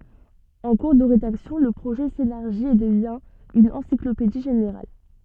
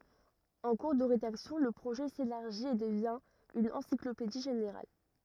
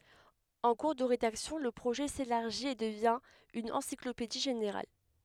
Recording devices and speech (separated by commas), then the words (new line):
soft in-ear microphone, rigid in-ear microphone, headset microphone, read sentence
En cours de rédaction, le projet s'élargit et devient une encyclopédie générale.